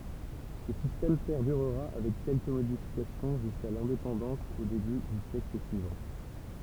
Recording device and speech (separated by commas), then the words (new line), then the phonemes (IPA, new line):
temple vibration pickup, read sentence
Ce système perdurera avec quelques modifications jusqu'à l'indépendance au début du siècle suivant.
sə sistɛm pɛʁdyʁʁa avɛk kɛlkə modifikasjɔ̃ ʒyska lɛ̃depɑ̃dɑ̃s o deby dy sjɛkl syivɑ̃